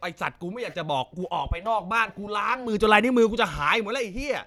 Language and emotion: Thai, angry